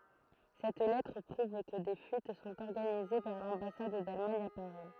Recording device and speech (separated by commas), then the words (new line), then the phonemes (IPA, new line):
throat microphone, read sentence
Cette lettre prouve que des fuites sont organisées vers l'ambassade d'Allemagne à Paris.
sɛt lɛtʁ pʁuv kə de fyit sɔ̃t ɔʁɡanize vɛʁ lɑ̃basad dalmaɲ a paʁi